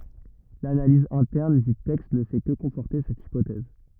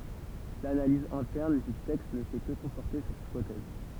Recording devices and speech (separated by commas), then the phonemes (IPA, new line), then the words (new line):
rigid in-ear microphone, temple vibration pickup, read sentence
lanaliz ɛ̃tɛʁn dy tɛkst nə fɛ kə kɔ̃fɔʁte sɛt ipotɛz
L’analyse interne du texte ne fait que conforter cette hypothèse.